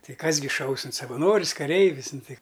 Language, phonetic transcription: Lithuanian, ˈtai ˈkas gi ˈšaus in savaˈnoris kaˈreivis ˈnu ˈtai

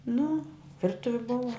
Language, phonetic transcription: Lithuanian, nu ˈvirtuvi ˈbuva

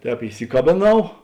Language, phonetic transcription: Lithuanian, ˈtēp iˈsikabėˌnau

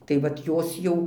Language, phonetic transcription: Lithuanian, tai ˈvat ˈjos jau

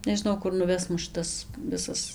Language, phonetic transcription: Lithuanian, nežiˈnau ˈkur nuˈves ˈmus ˈšitas ˈvisas

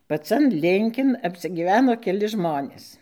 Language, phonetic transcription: Lithuanian, paˈcan ˈlinkin apsigyˈveno keˈli ˈžmonės

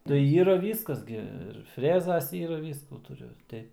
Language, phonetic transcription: Lithuanian, tai ˈyra ˈvyskas gi ir ˈfrezas ˈyra ˈvyskų tuˈriu

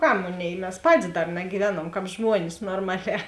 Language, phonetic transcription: Lithuanian, ˈkam ˈmoˌnėi mes ˈpatis ˈdar nagyˈvenuomˈkāp ˈžmuonis norˈmaˌlē

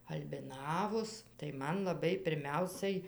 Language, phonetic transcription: Lithuanian, albiˈnavos tai ˈman laˈbai pirˈmiausai

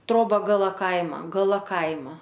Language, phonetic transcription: Lithuanian, ˈtroba gaˈla ˈkaima gaˈla ˈkaima

